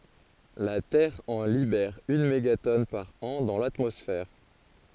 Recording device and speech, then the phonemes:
forehead accelerometer, read sentence
la tɛʁ ɑ̃ libɛʁ yn meɡatɔn paʁ ɑ̃ dɑ̃ latmɔsfɛʁ

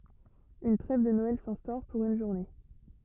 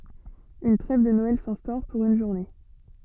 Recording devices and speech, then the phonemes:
rigid in-ear microphone, soft in-ear microphone, read sentence
yn tʁɛv də nɔɛl sɛ̃stɔʁ puʁ yn ʒuʁne

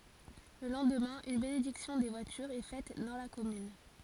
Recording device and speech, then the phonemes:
forehead accelerometer, read sentence
lə lɑ̃dmɛ̃ yn benediksjɔ̃ de vwatyʁz ɛ fɛt dɑ̃ la kɔmyn

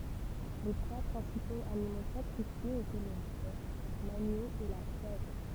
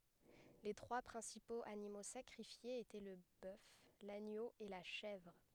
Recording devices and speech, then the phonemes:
temple vibration pickup, headset microphone, read sentence
le tʁwa pʁɛ̃sipoz animo sakʁifjez etɛ lə bœf laɲo e la ʃɛvʁ

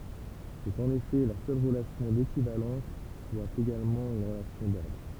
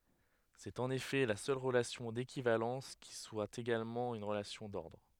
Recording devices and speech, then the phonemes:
temple vibration pickup, headset microphone, read sentence
sɛt ɑ̃n efɛ la sœl ʁəlasjɔ̃ dekivalɑ̃s ki swa eɡalmɑ̃ yn ʁəlasjɔ̃ dɔʁdʁ

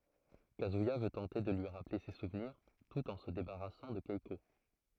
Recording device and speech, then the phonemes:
throat microphone, read sentence
kazyija vø tɑ̃te də lyi ʁaple se suvniʁ tut ɑ̃ sə debaʁasɑ̃ də kɛko

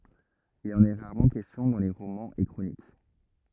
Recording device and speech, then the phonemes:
rigid in-ear microphone, read sentence
il ɑ̃n ɛ ʁaʁmɑ̃ kɛstjɔ̃ dɑ̃ le ʁomɑ̃z e kʁonik

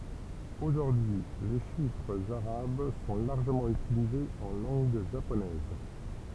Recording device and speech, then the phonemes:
temple vibration pickup, read sentence
oʒuʁdyi y le ʃifʁz aʁab sɔ̃ laʁʒəmɑ̃ ytilizez ɑ̃ lɑ̃ɡ ʒaponɛz

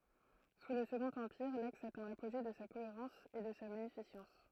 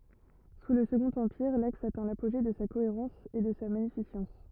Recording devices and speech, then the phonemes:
throat microphone, rigid in-ear microphone, read sentence
su lə səɡɔ̃t ɑ̃piʁ laks atɛ̃ lapoʒe də sa koeʁɑ̃s e də sa maɲifisɑ̃s

